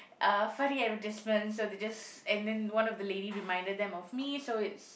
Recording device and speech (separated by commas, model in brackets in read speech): boundary microphone, conversation in the same room